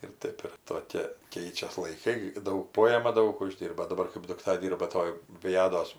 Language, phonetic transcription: Lithuanian, ir ˈtaip ir toˈkė ˈkeičias laiˈkai ˈdaug ˈpojema ˈdaug uˈždyrba daˈbar kɜp dukˈta ˈdyrba ˈtoj ˈvijados

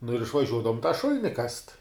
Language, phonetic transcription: Lithuanian, nu ir išvaˈžiuodavom tą ˈšul'ni kast

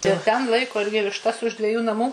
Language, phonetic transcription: Lithuanian, ir ˈten ˈlaiko ˈirgi višˈtas už dveˈjų naˈmų

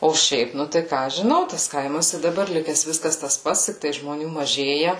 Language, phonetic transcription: Lithuanian, o ˈšiaip ˈnu tai ˈką aš žiˈnau tas ˈkaimas i daˈbar ˈlikes ˈviskas tas ˈpats ˈtiktai žmoˈnių maˈžėja

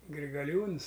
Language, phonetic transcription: Lithuanian, grigaˈliūns

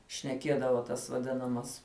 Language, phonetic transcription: Lithuanian, šneˈkiedavo tas vaˈdinamas

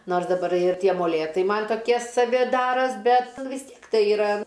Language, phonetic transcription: Lithuanian, ˈnors daˈbar ir ˈtie moˈlėtai ˈman' toˈkie saˈvi ˈdaros ˈbet vis ˈtiek ˈtai iˈra

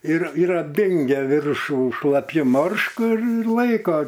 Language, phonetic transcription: Lithuanian, ir ir apˈdingia ˈviršų šlaˈpju ˈmoršku ir ir ˈlaiko

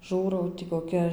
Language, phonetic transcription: Lithuanian, ˈžūrau ti koˈkia

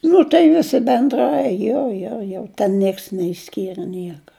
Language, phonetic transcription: Lithuanian, ˈnu tai ˈvisi benˈdrai ˈjo jo jo ˈten ˈnieks neišˈskyrɘ ˈnieka

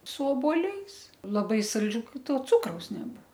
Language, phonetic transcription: Lithuanian, su obuoˈliais laˈbai salˈdžių kai ˈto ˈcukraus neˈbuvo

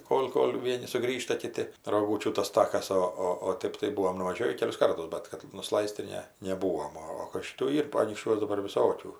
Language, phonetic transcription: Lithuanian, ˈkol' ˈkol' ˈvieni suˈgrįžta ˈkiti roˈgūčių tas ˈtakas ˈo ˈo o ˈtɜp tai ˈbuvom nuvaˈžiovį ˈkelius ˈkartus ˈbet kad nuˈslais't' tai ˈne neˈbūom ˈo o kad ˈšitų ˈyr anykšˈčiuos daˈbar viˈsokių

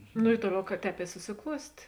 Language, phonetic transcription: Lithuanian, nu i ˈtuoˌliau ka ˈtēp i susiˈkluostė

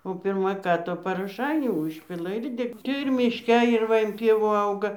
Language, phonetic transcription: Lithuanian, o ˈpirma ˈką tu paroˈšainių ˈužpila ir ˈde tai ir mišˈke ir ˈva in ˈpievų ˈauga

